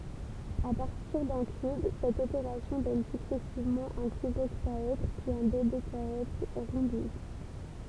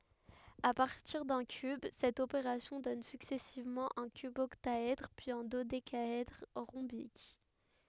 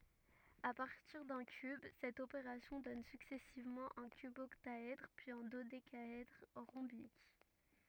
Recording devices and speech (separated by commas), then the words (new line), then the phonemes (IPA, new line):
temple vibration pickup, headset microphone, rigid in-ear microphone, read sentence
À partir d'un cube, cette opération donne successivement un cuboctaèdre, puis un dodécaèdre rhombique.
a paʁtiʁ dœ̃ kyb sɛt opeʁasjɔ̃ dɔn syksɛsivmɑ̃ œ̃ kybɔktaɛdʁ pyiz œ̃ dodekaɛdʁ ʁɔ̃bik